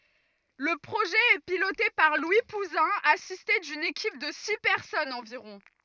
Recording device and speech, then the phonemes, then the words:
rigid in-ear microphone, read sentence
lə pʁoʒɛ ɛ pilote paʁ lwi puzɛ̃ asiste dyn ekip də si pɛʁsɔnz ɑ̃viʁɔ̃
Le projet est piloté par Louis Pouzin, assisté d'une équipe de six personnes environ.

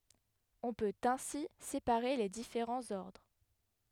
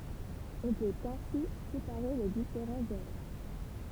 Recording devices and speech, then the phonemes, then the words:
headset microphone, temple vibration pickup, read sentence
ɔ̃ pøt ɛ̃si sepaʁe le difeʁɑ̃z ɔʁdʁ
On peut ainsi séparer les différents ordres.

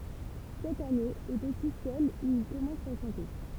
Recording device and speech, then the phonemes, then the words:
temple vibration pickup, read sentence
sɛt ane ɛt osi sɛl u il kɔmɑ̃s a ʃɑ̃te
Cette année est aussi celle où il commence à chanter.

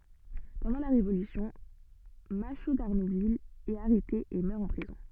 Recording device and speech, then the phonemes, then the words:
soft in-ear microphone, read sentence
pɑ̃dɑ̃ la ʁevolysjɔ̃ maʃo daʁnuvil ɛt aʁɛte e mœʁ ɑ̃ pʁizɔ̃
Pendant la Révolution, Machault d'Arnouville est arrêté et meurt en prison.

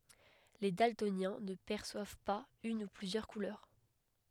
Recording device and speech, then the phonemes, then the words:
headset microphone, read sentence
le daltonjɛ̃ nə pɛʁswav paz yn u plyzjœʁ kulœʁ
Les daltoniens ne perçoivent pas une ou plusieurs couleurs.

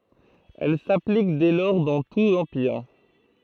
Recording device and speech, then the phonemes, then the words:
throat microphone, read sentence
ɛl saplik dɛ lɔʁ dɑ̃ tu lɑ̃piʁ
Elle s'applique dès lors dans tout l'Empire.

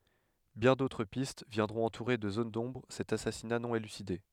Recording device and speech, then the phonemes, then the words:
headset microphone, read sentence
bjɛ̃ dotʁ pist vjɛ̃dʁɔ̃t ɑ̃tuʁe də zon dɔ̃bʁ sɛt asasina nɔ̃ elyside
Bien d'autres pistes viendront entourer de zones d'ombre cet assassinat non élucidé.

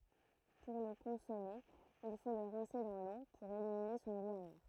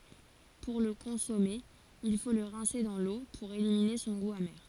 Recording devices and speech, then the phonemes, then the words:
throat microphone, forehead accelerometer, read sentence
puʁ lə kɔ̃sɔme il fo lə ʁɛ̃se dɑ̃ lo puʁ elimine sɔ̃ ɡu ame
Pour le consommer, il faut le rincer dans l'eau pour éliminer son goût amer.

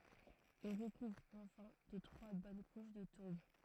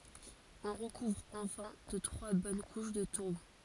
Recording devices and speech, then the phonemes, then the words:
throat microphone, forehead accelerometer, read sentence
ɔ̃ ʁəkuvʁ ɑ̃fɛ̃ də tʁwa bɔn kuʃ də tuʁb
On recouvre enfin de trois bonnes couches de tourbe.

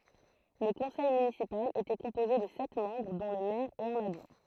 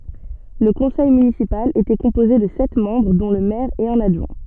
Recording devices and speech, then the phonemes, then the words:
throat microphone, soft in-ear microphone, read sentence
lə kɔ̃sɛj mynisipal etɛ kɔ̃poze də sɛt mɑ̃bʁ dɔ̃ lə mɛʁ e œ̃n adʒwɛ̃
Le conseil municipal était composé de sept membres dont le maire et un adjoint.

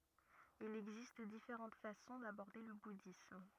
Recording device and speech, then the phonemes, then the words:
rigid in-ear microphone, read sentence
il ɛɡzist difeʁɑ̃t fasɔ̃ dabɔʁde lə budism
Il existe différentes façons d'aborder le bouddhisme.

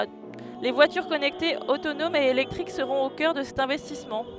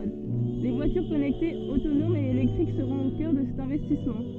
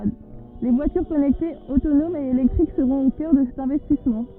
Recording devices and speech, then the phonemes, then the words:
headset microphone, soft in-ear microphone, rigid in-ear microphone, read sentence
vwatyʁ kɔnɛktez otonomz e elɛktʁik səʁɔ̃t o kœʁ də sɛt ɛ̃vɛstismɑ̃
Voitures connectées, autonomes et électriques seront au coeur de cet investissement.

